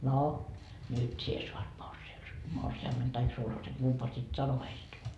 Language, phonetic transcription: Finnish, » no , "nyt 'sie suat 'morsi₍us- , 'morsi₍ammen taik 'sulhasen , 'kumpaa sit 'sano heist .
- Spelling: no nyt sinä saat - morsiamen tai sulhasen kumpaa sitten sanoi heistä

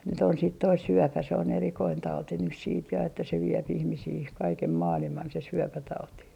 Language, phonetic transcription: Finnish, nyt ‿on sìt toi "syöpä se on 'erikoin 'tauti nys siit ja että se 'viep 'ihmisii , 'kaikem "maaliman se 'syöpätauti .
- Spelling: nyt on sitten tuo syöpä se on erikoinen tauti nyt sitten ja että se vie ihmisiä kaiken maailman se syöpätauti

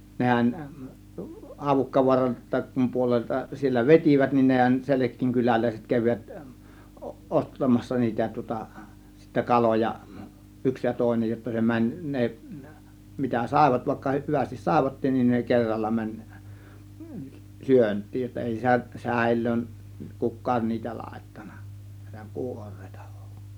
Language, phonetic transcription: Finnish, 'nehän , 'Havukkavuaran (Röksäm) puolelta siellä "vet͕ivät nin nehän , 'Selek̆kiiŋ kyläläiset kävivät , o- 'ˀost̀amassa niitä tŭŏta , sittä 'kaloja , 'yks ja 'tòėnej jotta se 'mäń , 'ne , mitä 'sàėvat vàėkka , 'hyvästis "sàėvattin nin ne "kerralla 'mäń , "syönt̆tiij jotta 'èi sä- "sä̀ėl̆löön , "kuk̆kaan niitä 'làėttAN̆NA , (näė)tä "kuor̆rEItA (VU̬AN) .
- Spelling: nehän Havukkavaaran Röksän puolelta siellä vetivät niin nehän Selkien kyläläiset kävivät - ostamassa niitä tuota sitten kaloja yksi ja toinen jotta se meni ne mitä saivat vaikka hyvästi saivatkin niin ne kerralla meni syöntiin jotta ei - säilöön kukaan niitä laittanut näitä kuoreita vain

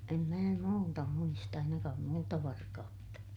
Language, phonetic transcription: Finnish, em mää muuta muist ‿ainakaam muuta varka₍utta .
- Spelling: en minä muuta muista ainakaan muuta varkautta

